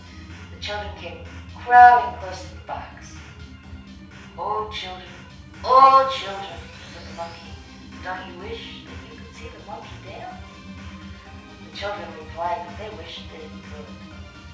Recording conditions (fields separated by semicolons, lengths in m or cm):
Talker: one person; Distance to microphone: 3.0 m; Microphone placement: far; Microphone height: 1.8 m; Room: small (3.7 m by 2.7 m); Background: music